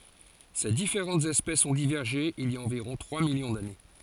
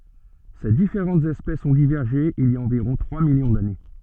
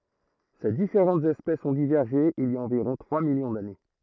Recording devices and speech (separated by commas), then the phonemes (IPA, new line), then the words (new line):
forehead accelerometer, soft in-ear microphone, throat microphone, read sentence
se difeʁɑ̃tz ɛspɛsz ɔ̃ divɛʁʒe il i a ɑ̃viʁɔ̃ tʁwa miljɔ̃ dane
Ces différentes espèces ont divergé il y a environ trois millions d'années.